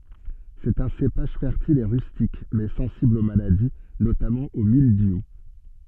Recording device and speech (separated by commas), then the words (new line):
soft in-ear microphone, read sentence
C'est un cépage fertile et rustique, mais sensible aux maladies, notamment au mildiou.